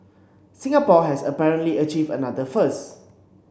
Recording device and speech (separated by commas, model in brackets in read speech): boundary microphone (BM630), read sentence